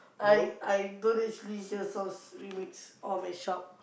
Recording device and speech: boundary microphone, conversation in the same room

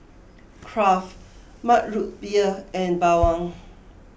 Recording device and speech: boundary microphone (BM630), read sentence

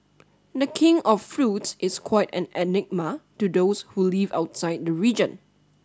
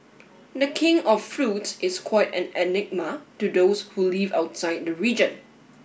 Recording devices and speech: standing microphone (AKG C214), boundary microphone (BM630), read sentence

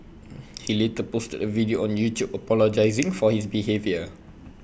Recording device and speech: boundary microphone (BM630), read sentence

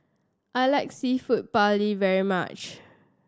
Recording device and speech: standing microphone (AKG C214), read sentence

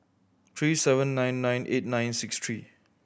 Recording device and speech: boundary microphone (BM630), read sentence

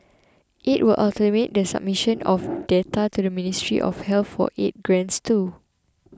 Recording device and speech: close-talking microphone (WH20), read sentence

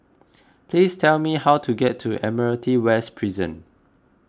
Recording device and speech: close-talking microphone (WH20), read sentence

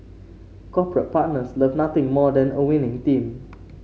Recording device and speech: mobile phone (Samsung C5), read sentence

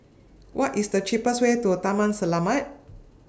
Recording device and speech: standing microphone (AKG C214), read sentence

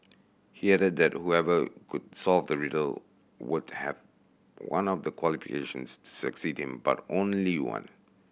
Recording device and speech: boundary microphone (BM630), read sentence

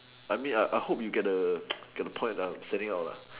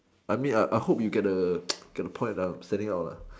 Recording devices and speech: telephone, standing microphone, conversation in separate rooms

